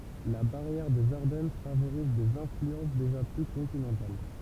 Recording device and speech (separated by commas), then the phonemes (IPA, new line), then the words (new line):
temple vibration pickup, read sentence
la baʁjɛʁ dez aʁdɛn favoʁiz dez ɛ̃flyɑ̃s deʒa ply kɔ̃tinɑ̃tal
La barrière des Ardennes favorise des influences déjà plus continentales.